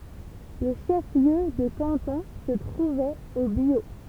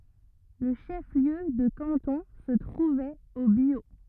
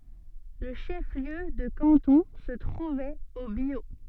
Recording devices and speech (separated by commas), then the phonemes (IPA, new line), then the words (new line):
temple vibration pickup, rigid in-ear microphone, soft in-ear microphone, read sentence
lə ʃəfliø də kɑ̃tɔ̃ sə tʁuvɛt o bjo
Le chef-lieu de canton se trouvait au Biot.